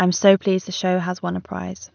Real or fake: real